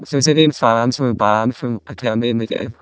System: VC, vocoder